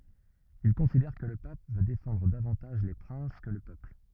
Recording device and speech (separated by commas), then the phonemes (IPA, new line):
rigid in-ear microphone, read sentence
il kɔ̃sidɛʁ kə lə pap vø defɑ̃dʁ davɑ̃taʒ le pʁɛ̃s kə lə pøpl